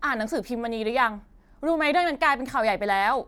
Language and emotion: Thai, angry